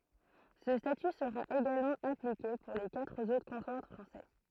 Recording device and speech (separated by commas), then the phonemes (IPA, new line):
throat microphone, read sentence
sə staty səʁa eɡalmɑ̃ aplike puʁ le katʁ otʁ kɔ̃twaʁ fʁɑ̃sɛ